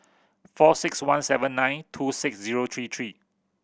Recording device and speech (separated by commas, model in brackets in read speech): boundary microphone (BM630), read sentence